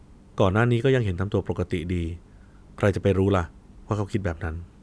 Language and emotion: Thai, neutral